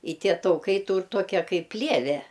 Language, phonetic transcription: Lithuanian, i ˈtie tauˈkai ˈtūr ˈtokia ˈkaip ˈplieve

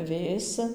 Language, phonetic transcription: Lithuanian, ˈvėsi

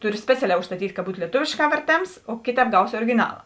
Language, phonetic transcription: Lithuanian, ˈturi ˈspeciaˌlē užstaˈtyt' ka ˈbūt lieˈtovėšˌkā verˈtėms o ˈkėˌtēp ˈgausi origiˈnala

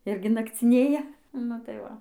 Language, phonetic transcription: Lithuanian, ˈirgi nakciˈnėja ˈnu tai ˈva

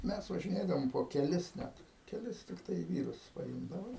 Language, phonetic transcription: Lithuanian, ˈmes važiˈnėdavom po keˈlis ˈnet keˈlis tikˈtai ˈvyrus paˈimdava

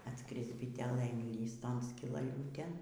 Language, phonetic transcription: Lithuanian, atˈskris biˈtelė inˈlįs ˈton skilaˈliūtėn

